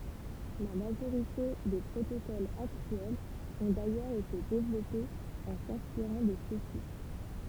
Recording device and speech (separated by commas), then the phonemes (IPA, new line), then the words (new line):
temple vibration pickup, read sentence
la maʒoʁite de pʁotokolz aktyɛlz ɔ̃ dajœʁz ete devlɔpez ɑ̃ sɛ̃spiʁɑ̃ də søksi
La majorité des protocoles actuels ont d'ailleurs été développés en s'inspirant de ceux-ci.